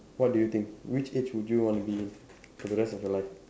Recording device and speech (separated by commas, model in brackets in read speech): standing microphone, conversation in separate rooms